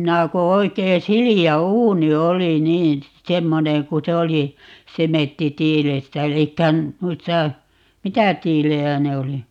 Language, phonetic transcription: Finnish, 'minä ko 'oikee "sili₍ä "uuni "oli "niin̬ , 'semmoneŋ ku se "oli , 'semetti"tiilestä 'elikkä , 'nuista , "mitä 'tiilejä ne oli .
- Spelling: minä kun oikein sileä uuni oli niin semmoinen kun se oli sementtitiilestä eli noista mitä tiiliä ne oli

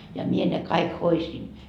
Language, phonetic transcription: Finnish, ja 'mie ne 'kaik 'hoisin .
- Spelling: ja minä ne kaikki hoidin

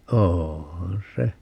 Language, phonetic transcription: Finnish, 'oohan "se .
- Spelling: onhan se

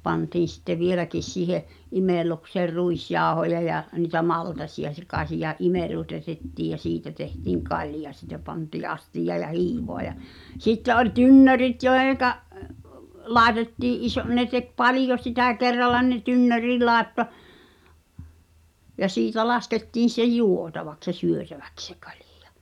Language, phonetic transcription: Finnish, 'pantiin̬ sitte "vieläkis siihe , 'imèlokseer "ruisjaohoja ja , ni̳tä 'maltasi₍a sekàsi ja "’imèlut̳ee̳tettiij jä 'siitä tehtiiŋ "kalja sìtä pantii '’astijaa ja "hiivoa ja , 'sitte ’ol "tynnörit 'joeʰeᵑka , 'làetettii’ ’iso- , ne tek "palⁱjo sitä̀ 'kerralla ne 'tynnöri làetto , ja 'siitä 'laskettiin̬ s(it)ej "jù̳ò̳tavaks ja 'syötävᴀ̈ks sᴇ 'kᴀʟl̀ᴊᴀ .
- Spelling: pantiin sitten vieläkin siihen imellykseen ruisjauhoja ja niitä maltaita sekaisin ja imellytettiin ja siitä tehtiin kalja siitä pantiin astiaan ja hiivaa ja sitten oli tynnyrit joihin laitettiin - ne teki paljon sitä kerralla ne tynnyrin laittoi ja siitä laskettiin sitten juotavaksi ja syötäväksi se kalja

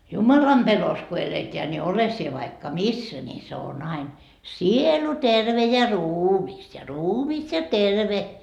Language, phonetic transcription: Finnish, "jumalamBelos ko eleteä ńi "ole sie vaikka 'missä ńi se on 'ain , "sielu 'terve ja "ruumis ja "ruumis ja 'terve .
- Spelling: jumalanpelossa kun eletään niin ole sinä vaikka missä niin se on aina sielu terve ja ruumis ja ruumis ja terve

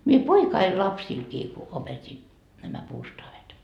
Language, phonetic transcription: Finnish, mie "poikai 'lapsilkii ku 'opet́i , nämä 'puustoavet .
- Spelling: minä poikani lapsillekin kun opetin nämä puustaavit

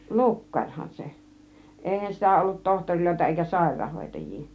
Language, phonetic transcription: Finnish, lukkaŕhan se , 'èihän 'sitä ollut "tohtorloita èikä "sàir̀aahhòitaj̆jii .
- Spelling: lukkarihan se eihän sitä ollut tohtoreita eikä sairaanhoitajia

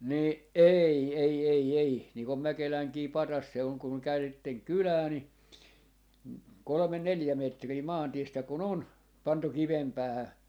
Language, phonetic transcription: Finnish, ni , 'ei ei ei ei , nii kom 'Mäkeläŋkii 'patas se oŋ kuŋ 'käännytteŋ "kylää ni , 'kolᵒmen "neljä metrii 'maantiestä ku'n ‿on , pantu "kivem 'päähä .
- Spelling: niin ei ei ei ei niin kuin Mäkelänkin patsas se on kun käännytte kylään niin kolme neljä metriä maantiestä kun on pantu kiven päähän

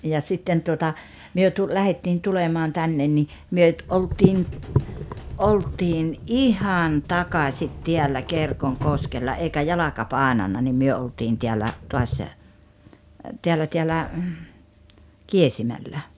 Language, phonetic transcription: Finnish, ja 'sitten tuota , myö tu- , 'lähettiin 'tulemoan 'tännen ni , myö ‿t- , '’olt̀iin , ’oltiin "’ihan "takasit 'tiällä "Kerkoŋkoskella 'eikä "jalaka "pàenanna ni 'myö oltiin 't́iällä , 'tuas , 'teällä t́iällä , "Kiesimällä .
- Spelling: ja sitten tuota me - lähdettiin tulemaan tänne niin me - oltiin oltiin ihan takaisin täällä Kerkonkoskella eikä jalka painanut niin me oltiin täällä taas täällä täällä Kiesimällä

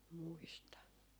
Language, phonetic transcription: Finnish, 'muista .
- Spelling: muista

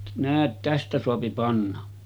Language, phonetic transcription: Finnish, nä̀öt-[ti] » 'tästä soapi 'panna « .
- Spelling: - tästä saa panna

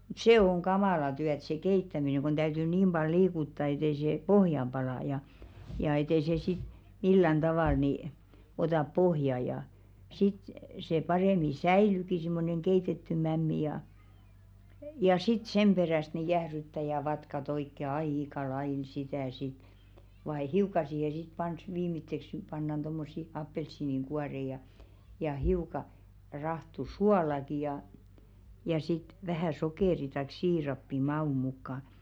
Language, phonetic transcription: Finnish, "sè oŋ 'ɢamàla tyät se 'keittämineŋ ɢon 'täytyy 'niim ʙal "liikutta et ‿ei sè , "pohjam 'ʙalà ja , ja et ‿ei se 'sit , "millän ᴅavàl nì , 'otàp "pohja ja , sit se 'parèmi "säìlyki simmoneŋ 'keitetty 'mämmi ja , ja sit "sem 'ʙerä̀st ni 'jähryttä ja 'vatkat ‿oikke "aika 'laìl sitä̀ sit , vai "hiuk̀a 'sìhe sit p̳§ans 'viimitteks pannan tommossi "appelssiiniŋ 'kuarei ja , ja 'hiuka , rahtu "sualaki ja , ja sit , 'vähä̀ "sokèri taik "siirappi 'ma₍ùᴍ muk̆ka .
- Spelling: se on kamalaa työtä se keittäminen kun täytyy niin paljon liikuttaa että ei se pohjaan pala ja ja että ei se sitten millään tavalla niin ota pohjaan ja sitten se paremmin säilyykin semmoinen keitetty mämmi ja ja sitten sen perästä niin jäähdyttää ja vatkata oikein aika lailla sitä sitten vain hiukan siihen sitten panisi viimeiseksi pannaan tuommoisia appelsiinin kuoria ja ja hiukan rahtu suolaakin ja ja sitten vähän sokeria tai siirappia maun mukaan

